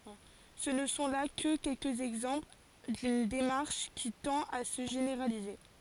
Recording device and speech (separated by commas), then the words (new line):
forehead accelerometer, read sentence
Ce ne sont là que quelques exemples d'une démarche qui tend à se généraliser.